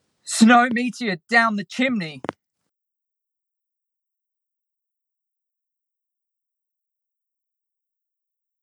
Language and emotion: English, fearful